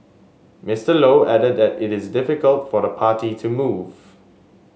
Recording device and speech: mobile phone (Samsung S8), read sentence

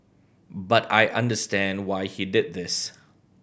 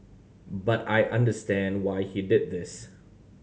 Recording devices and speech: boundary microphone (BM630), mobile phone (Samsung C7100), read sentence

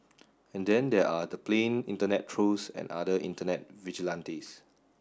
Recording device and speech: standing microphone (AKG C214), read sentence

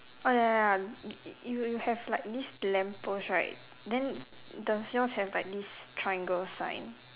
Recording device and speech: telephone, conversation in separate rooms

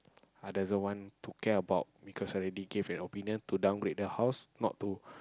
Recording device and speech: close-talking microphone, conversation in the same room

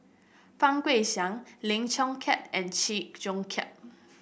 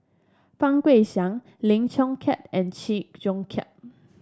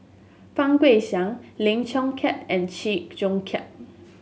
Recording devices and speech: boundary microphone (BM630), standing microphone (AKG C214), mobile phone (Samsung S8), read sentence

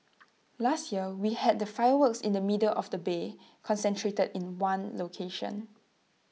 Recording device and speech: mobile phone (iPhone 6), read sentence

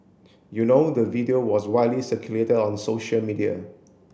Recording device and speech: boundary microphone (BM630), read sentence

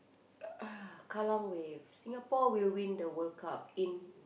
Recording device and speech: boundary microphone, conversation in the same room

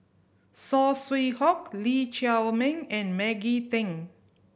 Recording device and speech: boundary microphone (BM630), read sentence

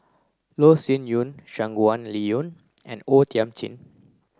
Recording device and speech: close-talking microphone (WH30), read sentence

